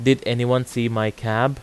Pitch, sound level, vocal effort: 125 Hz, 88 dB SPL, loud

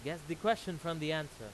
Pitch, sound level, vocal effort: 165 Hz, 95 dB SPL, very loud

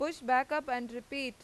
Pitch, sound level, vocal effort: 255 Hz, 94 dB SPL, loud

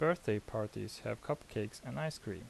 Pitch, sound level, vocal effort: 110 Hz, 78 dB SPL, soft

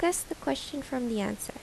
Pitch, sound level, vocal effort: 260 Hz, 78 dB SPL, soft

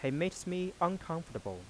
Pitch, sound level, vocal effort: 165 Hz, 87 dB SPL, soft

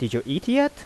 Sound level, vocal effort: 86 dB SPL, soft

